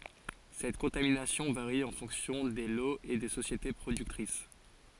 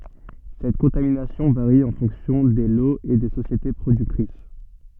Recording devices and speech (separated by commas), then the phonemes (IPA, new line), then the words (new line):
forehead accelerometer, soft in-ear microphone, read sentence
sɛt kɔ̃taminasjɔ̃ vaʁi ɑ̃ fɔ̃ksjɔ̃ de loz e de sosjete pʁodyktʁis
Cette contamination varie en fonction des lots et des sociétés productrices.